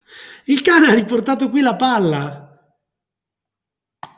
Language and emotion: Italian, happy